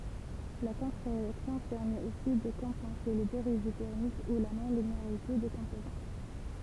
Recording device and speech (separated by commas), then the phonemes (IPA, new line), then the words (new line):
temple vibration pickup, read sentence
la kɔ̃tʁəʁeaksjɔ̃ pɛʁmɛt osi də kɔ̃pɑ̃se le deʁiv tɛʁmik u la nɔ̃lineaʁite de kɔ̃pozɑ̃
La contre-réaction permet aussi de compenser les dérives thermiques ou la non-linéarité des composants.